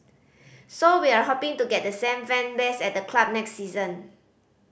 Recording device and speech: boundary microphone (BM630), read sentence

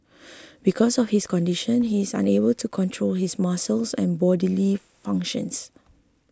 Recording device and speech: close-talking microphone (WH20), read sentence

